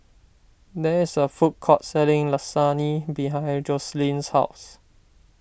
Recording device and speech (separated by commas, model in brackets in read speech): boundary microphone (BM630), read sentence